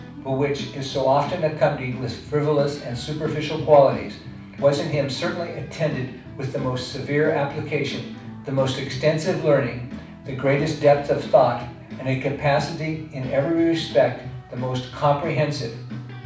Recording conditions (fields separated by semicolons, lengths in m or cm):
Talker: one person; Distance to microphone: 5.8 m; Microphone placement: far; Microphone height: 1.8 m; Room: medium-sized (5.7 m by 4.0 m); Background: music